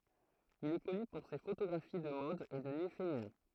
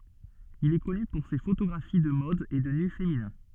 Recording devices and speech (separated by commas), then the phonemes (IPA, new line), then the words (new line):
throat microphone, soft in-ear microphone, read sentence
il ɛ kɔny puʁ se fotoɡʁafi də mɔd e də ny feminɛ̃
Il est connu pour ses photographies de mode et de nus féminins.